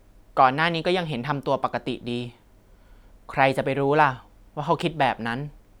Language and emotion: Thai, neutral